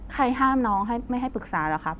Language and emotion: Thai, frustrated